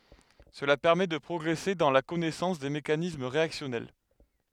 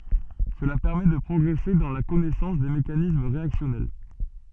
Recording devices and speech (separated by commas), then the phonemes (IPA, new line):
headset microphone, soft in-ear microphone, read sentence
səla pɛʁmɛ də pʁɔɡʁɛse dɑ̃ la kɔnɛsɑ̃s de mekanism ʁeaksjɔnɛl